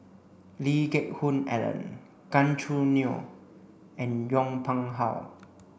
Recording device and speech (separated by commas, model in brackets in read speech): boundary microphone (BM630), read sentence